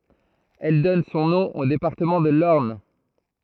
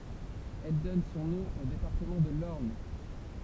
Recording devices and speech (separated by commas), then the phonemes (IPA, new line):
throat microphone, temple vibration pickup, read sentence
ɛl dɔn sɔ̃ nɔ̃ o depaʁtəmɑ̃ də lɔʁn